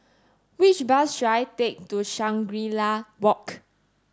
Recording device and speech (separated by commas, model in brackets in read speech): standing microphone (AKG C214), read sentence